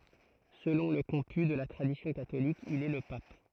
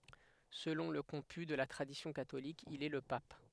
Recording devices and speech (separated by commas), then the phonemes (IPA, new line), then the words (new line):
throat microphone, headset microphone, read sentence
səlɔ̃ lə kɔ̃py də la tʁadisjɔ̃ katolik il ɛ lə pap
Selon le comput de la tradition catholique, il est le pape.